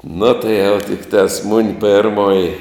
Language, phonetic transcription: Lithuanian, nu tai jau tikˈtās mun' ˈpėrmoji

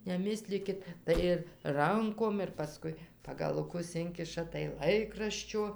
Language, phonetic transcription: Lithuanian, neˈmislykit ˈtai ir ˈrankom ir paˈskui pagaluˈkus ˈinkiša tai ˈlaikraščio

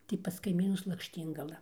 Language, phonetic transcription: Lithuanian, tai pas kaiˈmynus lakšˈtyngala

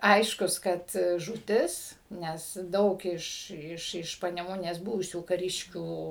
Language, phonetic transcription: Lithuanian, ˈaiškus kad žūˈtis ˈnes ˈdaug iš iš iš paneˈmunės ˈbuvusių kaˈriškių

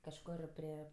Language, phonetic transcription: Lithuanian, kažˈkor pri

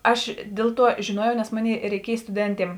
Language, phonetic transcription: Lithuanian, ˈaš ˈdėl ˌtuo žėˈnuojau nes ˈmoˌnėi reiˈkiej stuˈdentiem

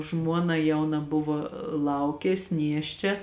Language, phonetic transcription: Lithuanian, ˈžmuona ˈjauna ˈbuvo ˈlaukės ˈnieščia

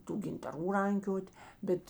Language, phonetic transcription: Lithuanian, ˈtų gintaˈrų ˈrankiot' ˈbet

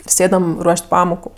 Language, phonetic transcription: Lithuanian, ir ˈsėdam ˈruoš't' ˈpamoku

